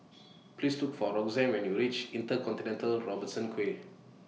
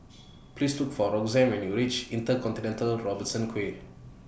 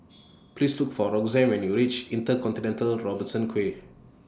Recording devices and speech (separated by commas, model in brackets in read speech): mobile phone (iPhone 6), boundary microphone (BM630), standing microphone (AKG C214), read sentence